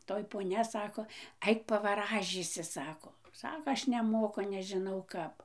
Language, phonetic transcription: Lithuanian, ˈtoj poˈnia ˈsako ˈaik pavaˈražysi ˈsako ˈsako ˈaš neˈmoku nežiˈnau ˈkap

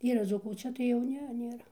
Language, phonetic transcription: Lithuanian, ˈyra ˈdzūkų o ˈčia tai jau ˈne nėˈra

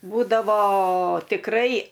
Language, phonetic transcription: Lithuanian, ˈbūdavo tikˈrai

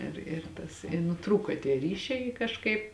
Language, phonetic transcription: Lithuanian, ir ir ˈtas i nuˈtrūko tie ˈryšiai i kažˈkaip

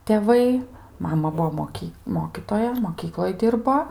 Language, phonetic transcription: Lithuanian, teˈvai ˈmama ˈbuvo moˈky ˈmokytoja moˈkykloj ˈdirbo

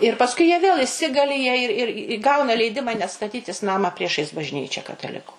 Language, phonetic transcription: Lithuanian, ir pasˈkui jie vėl iˈsigali jie ir ir i ˈgauna leiˈdima net staˈtytis ˈnamą ˈpriešais bažˈnyčia kataˈliku

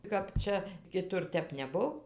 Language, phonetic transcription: Lithuanian, kap ˈčia kiˈtur ˈtep neˈbuv

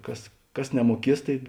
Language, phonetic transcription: Lithuanian, ˈkas ˈkas nemuoˈkies ˈtai

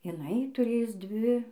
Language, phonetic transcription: Lithuanian, jiˈnai tuˈrėjus ˈdvi

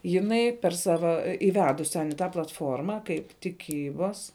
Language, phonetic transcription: Lithuanian, jiˈnai per ˈsava iˈvedus' ten i ˈta platˈforma kaip tiˈkybas

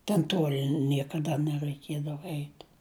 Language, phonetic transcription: Lithuanian, ten ˈtuoli ˈniekaˌda neraiˈkiedava ˈeit'

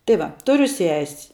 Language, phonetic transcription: Lithuanian, tai ˈva ˈturiu ses'

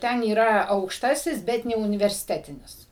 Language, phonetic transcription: Lithuanian, ˈten yˈra aukšˈtasis ˈbet neuniversiˈtetinis

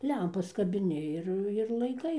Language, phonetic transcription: Lithuanian, ˈlempas kabiˈni ir ir laiˈkai

